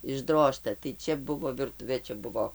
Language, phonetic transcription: Lithuanian, išˈdrožta tai ˈčia ˈbuvo virˈtuvė ˈčia ˈbuvo

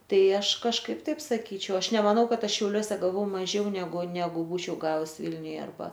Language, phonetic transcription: Lithuanian, ˈtai ˈaš kažˈkaip ˈtaip saˈkyčiau ˈaš nemaˈnau ˈkad ˈaš šiauˈliuose gaˈvau maˈžiau neˈgu neˈgu ˈbūčiau ˈgavus ˈvilniuje arˈba

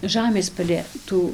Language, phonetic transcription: Lithuanian, ˈžamės palė ˈtų

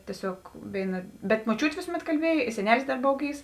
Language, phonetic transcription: Lithuanian, tieˈsiog ˈvėiˌna bet moˈčiūtė ˈvėsuˌmet kalˈbiej i seˈnelis dar ˈbov ˈgyvs

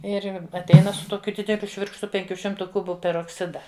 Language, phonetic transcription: Lithuanian, ˈir atˈeina su ˈtokiu ˈdideliu ˈšvirkštu ˈpenkių ˈšimtu ˈkubu perokˈsida

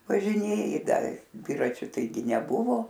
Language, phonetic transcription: Lithuanian, važiˈnėji ˈda ˈdviračiu taiˈgi neˈbuvo

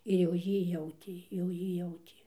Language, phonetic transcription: Lithuanian, ir jau ˈjy ˈjautė jau ˈjy ˈjautė

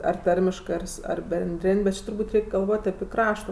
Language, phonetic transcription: Lithuanian, ar ˈtarmiškɜ ar ˈsu ar benˈdrin' bet ˈči turˈbūt' ˈreik' galˈvot' api ˈkrašto

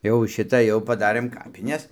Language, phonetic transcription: Lithuanian, jau ˈšita jau paˈdarɘm ˈkapines

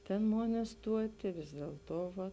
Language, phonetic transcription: Lithuanian, ˈtėn ˈmon iˈstuoti vis dielˈto ˈva

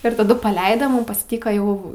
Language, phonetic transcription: Lithuanian, ir taˈdu paˈleida ˈmum pasˈtyka ˈjau

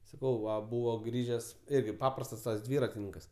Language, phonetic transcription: Lithuanian, saˈkau ˈva ˈbūvo ˈgrįžes ˈirgi ˈpaprastas tas ˈdvyratininkas

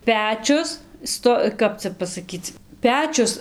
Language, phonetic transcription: Lithuanian, ˈpečius ˈsto ˈkap cia pasaˈkyc ˈpečius

